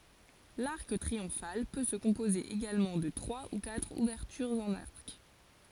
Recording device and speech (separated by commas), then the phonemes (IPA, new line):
forehead accelerometer, read sentence
laʁk tʁiɔ̃fal pø sə kɔ̃poze eɡalmɑ̃ də tʁwa u katʁ uvɛʁtyʁz ɑ̃n aʁk